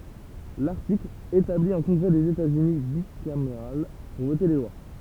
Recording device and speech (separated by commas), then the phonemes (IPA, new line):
temple vibration pickup, read sentence
laʁtikl etabli œ̃ kɔ̃ɡʁɛ dez etaz yni bikameʁal puʁ vote le lwa